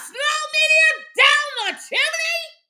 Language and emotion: English, disgusted